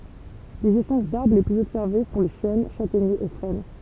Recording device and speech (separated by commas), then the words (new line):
temple vibration pickup, read sentence
Les essences d’arbres les plus observées sont les chênes, châtaigniers et frênes.